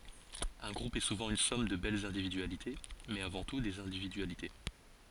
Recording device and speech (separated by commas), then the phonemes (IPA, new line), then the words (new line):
forehead accelerometer, read sentence
œ̃ ɡʁup ɛ suvɑ̃ yn sɔm də bɛlz ɛ̃dividyalite mɛz avɑ̃ tu dez ɛ̃dividyalite
Un groupe est souvent une somme de belles individualités mais, avant tout, des individualités.